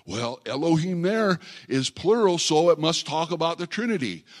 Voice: falsetto voice